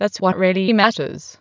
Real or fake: fake